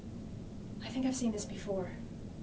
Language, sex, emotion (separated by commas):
English, female, neutral